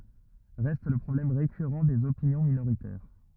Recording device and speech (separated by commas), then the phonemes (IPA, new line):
rigid in-ear microphone, read sentence
ʁɛst lə pʁɔblɛm ʁekyʁɑ̃ dez opinjɔ̃ minoʁitɛʁ